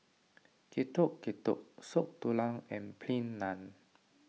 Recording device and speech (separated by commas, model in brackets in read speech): mobile phone (iPhone 6), read sentence